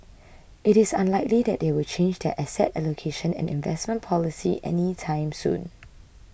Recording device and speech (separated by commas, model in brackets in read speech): boundary microphone (BM630), read sentence